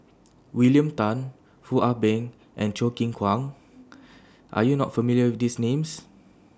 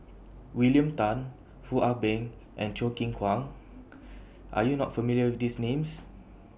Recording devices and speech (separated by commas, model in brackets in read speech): standing microphone (AKG C214), boundary microphone (BM630), read sentence